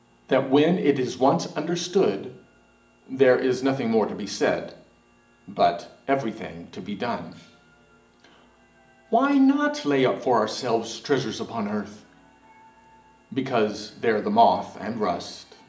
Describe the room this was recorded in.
A large space.